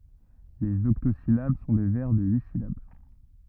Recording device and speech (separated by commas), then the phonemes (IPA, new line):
rigid in-ear microphone, read sentence
lez ɔktozilab sɔ̃ de vɛʁ də yi silab